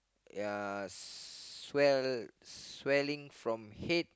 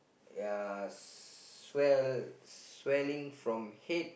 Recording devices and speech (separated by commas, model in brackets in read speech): close-talking microphone, boundary microphone, conversation in the same room